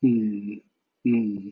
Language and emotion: Thai, frustrated